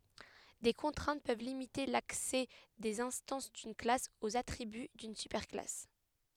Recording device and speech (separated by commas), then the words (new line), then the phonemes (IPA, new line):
headset microphone, read sentence
Des contraintes peuvent limiter l'accès des instances d'une classe aux attributs d'une super-classe.
de kɔ̃tʁɛ̃t pøv limite laksɛ dez ɛ̃stɑ̃s dyn klas oz atʁiby dyn sypɛʁ klas